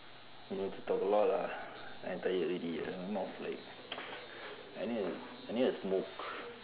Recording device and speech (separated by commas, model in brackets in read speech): telephone, conversation in separate rooms